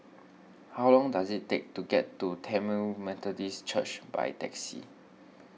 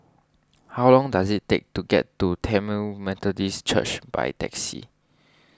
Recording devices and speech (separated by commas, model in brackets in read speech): mobile phone (iPhone 6), standing microphone (AKG C214), read sentence